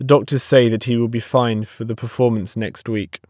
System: none